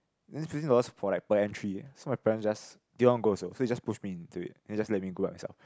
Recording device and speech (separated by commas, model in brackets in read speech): close-talking microphone, conversation in the same room